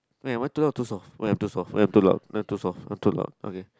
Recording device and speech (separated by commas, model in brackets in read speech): close-talking microphone, conversation in the same room